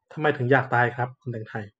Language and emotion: Thai, neutral